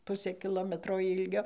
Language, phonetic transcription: Lithuanian, ˈpusė kiˈlometro ˈilgio

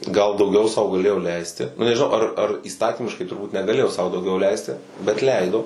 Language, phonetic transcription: Lithuanian, gal dauˈgiau sau gaˈlėjo ˈleisti ˈnu nežiˈnau ar ar įˈstatymiškai turˈbūt negaˈlėjo sau dauˈgiau ˈleisti bet ˈleido

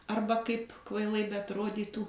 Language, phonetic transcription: Lithuanian, ˈarba ˈkaip kvaiˈlai beatˈrodytų

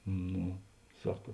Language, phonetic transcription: Lithuanian, ˈno ˈsaka

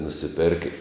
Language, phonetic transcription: Lithuanian, nusiˈperkə

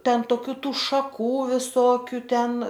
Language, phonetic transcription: Lithuanian, ˈten toˈkių ˈtų šaˈkų viˈsokiu ˈten

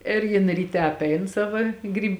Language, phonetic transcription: Lithuanian, ir ˈjin ryˈte apˈein ˈsava ˈgryb

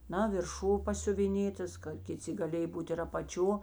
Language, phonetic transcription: Lithuanian, ˈna virˈšū pasiuviˈnėtas ka kiˈci gaˈlėj ˈbūt ir apaˈčio

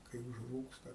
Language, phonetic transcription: Lithuanian, kai užˈrūksta

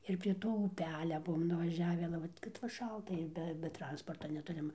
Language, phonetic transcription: Lithuanian, ir prie ˈto uˈpelia ˈbuom nuvaˈžiavi ale ˈvat kad va ˈšalta ir ˈbe be ˈtransporta neˈturim

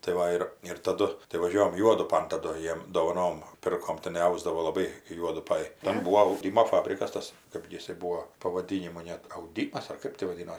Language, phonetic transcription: Lithuanian, tai ˈva ir ir taˈdu tai vaˈžiuojam ˈjuodupan taˈdu ˈjiem dovaˈnom ˈpirkom tiˈnai ˈausdavo laˈbai kai ˈjuodupaj ˈten ˈbūo auˈdimo ˈfabrikas ˈtas ˈkɜp gi ˈjisai ˈbūo pavaˈdynimo net auˈdymas ar ˈkɜp ti vaˈdino

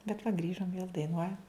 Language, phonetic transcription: Lithuanian, bet va ˈgrįžom vėl daiˈnuojam

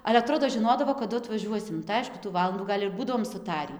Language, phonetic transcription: Lithuanian, ale aˈtrodo žiˈnodavo kaˈdu atvaˈžiuosim tai ˈaišku tų ˈvalandų ˈgal' ir ˈbūdavom suˈtarį

